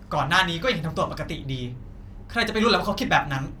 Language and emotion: Thai, angry